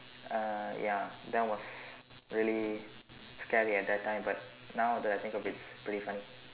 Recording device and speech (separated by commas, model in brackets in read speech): telephone, conversation in separate rooms